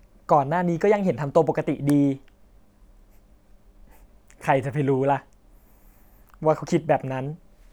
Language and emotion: Thai, sad